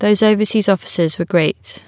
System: none